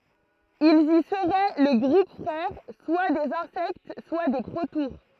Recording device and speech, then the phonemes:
throat microphone, read sentence
ilz i səʁɛ lə ɡʁup fʁɛʁ swa dez ɛ̃sɛkt swa de pʁotuʁ

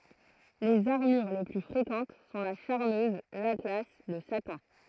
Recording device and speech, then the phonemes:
throat microphone, read sentence
lez aʁmyʁ le ply fʁekɑ̃t sɔ̃ la ʃaʁmøz latla lə satɛ̃

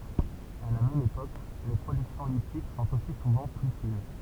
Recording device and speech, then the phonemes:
temple vibration pickup, read sentence
a la mɛm epok le pʁodyksjɔ̃ litik sɔ̃t osi suvɑ̃ ply fin

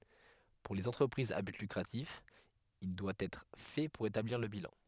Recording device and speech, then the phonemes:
headset microphone, read sentence
puʁ lez ɑ̃tʁəpʁizz a byt lykʁatif il dwa ɛtʁ fɛ puʁ etabliʁ lə bilɑ̃

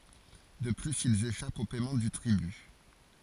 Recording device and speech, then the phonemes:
forehead accelerometer, read sentence
də plyz ilz eʃapt o pɛmɑ̃ dy tʁiby

